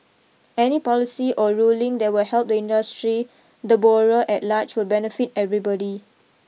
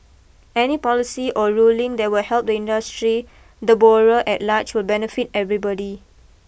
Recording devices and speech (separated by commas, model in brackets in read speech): mobile phone (iPhone 6), boundary microphone (BM630), read sentence